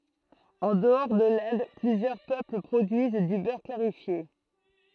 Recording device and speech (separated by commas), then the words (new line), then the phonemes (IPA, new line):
throat microphone, read sentence
En dehors de l'Inde, plusieurs peuples produisent du beurre clarifié.
ɑ̃ dəɔʁ də lɛ̃d plyzjœʁ pøpl pʁodyiz dy bœʁ klaʁifje